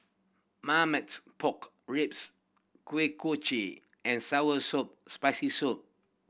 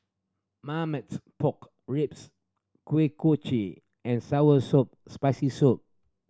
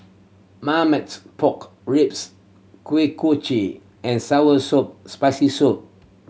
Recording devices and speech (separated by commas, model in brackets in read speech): boundary microphone (BM630), standing microphone (AKG C214), mobile phone (Samsung C7100), read sentence